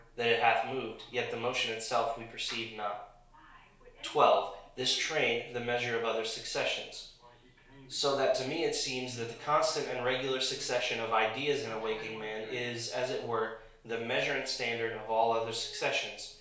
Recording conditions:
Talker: one person; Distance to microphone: 1.0 m; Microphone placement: close; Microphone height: 1.1 m; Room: small (3.7 m by 2.7 m); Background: television

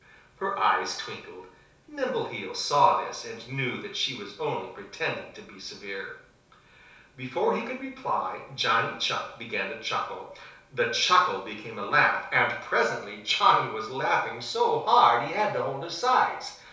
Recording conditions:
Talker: one person; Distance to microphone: 3.0 m; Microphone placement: far; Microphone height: 1.8 m; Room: small (3.7 m by 2.7 m); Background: none

